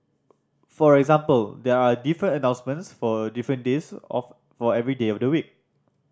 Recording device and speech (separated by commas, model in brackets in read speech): standing microphone (AKG C214), read sentence